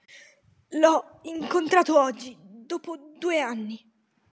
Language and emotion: Italian, fearful